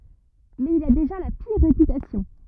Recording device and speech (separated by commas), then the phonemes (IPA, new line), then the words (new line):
rigid in-ear microphone, read sentence
mɛz il a deʒa la piʁ ʁepytasjɔ̃
Mais il a déjà la pire réputation.